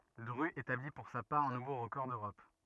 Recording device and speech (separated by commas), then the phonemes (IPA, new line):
rigid in-ear microphone, read sentence
dʁy etabli puʁ sa paʁ œ̃ nuvo ʁəkɔʁ døʁɔp